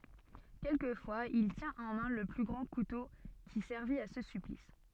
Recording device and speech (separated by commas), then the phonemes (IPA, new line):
soft in-ear microphone, read sentence
kɛlkəfwaz il tjɛ̃t ɑ̃ mɛ̃ lə ɡʁɑ̃ kuto ki sɛʁvit a sə syplis